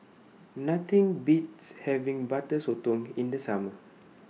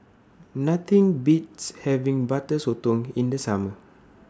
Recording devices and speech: mobile phone (iPhone 6), standing microphone (AKG C214), read sentence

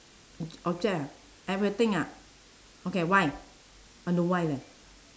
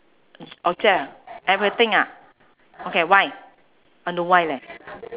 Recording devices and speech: standing microphone, telephone, conversation in separate rooms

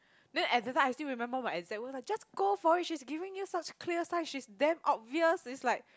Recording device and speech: close-talking microphone, conversation in the same room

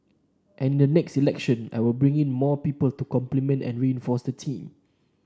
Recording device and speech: standing microphone (AKG C214), read sentence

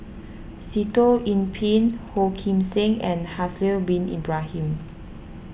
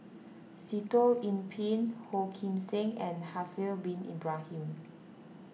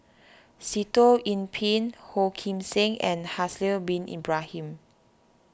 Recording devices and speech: boundary microphone (BM630), mobile phone (iPhone 6), standing microphone (AKG C214), read sentence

